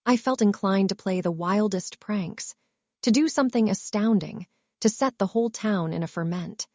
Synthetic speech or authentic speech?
synthetic